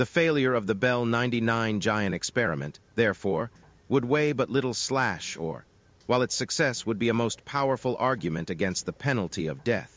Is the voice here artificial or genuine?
artificial